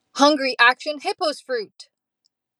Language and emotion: English, sad